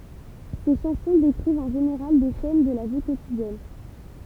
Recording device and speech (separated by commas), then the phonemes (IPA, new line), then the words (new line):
temple vibration pickup, read sentence
se ʃɑ̃sɔ̃ dekʁivt ɑ̃ ʒeneʁal de sɛn də la vi kotidjɛn
Ses chansons décrivent en général des scènes de la vie quotidienne.